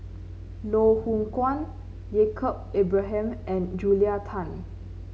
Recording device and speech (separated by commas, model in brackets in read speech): mobile phone (Samsung C9), read sentence